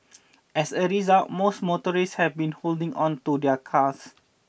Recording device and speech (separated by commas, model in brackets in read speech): boundary microphone (BM630), read sentence